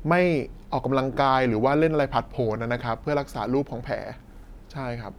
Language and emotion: Thai, neutral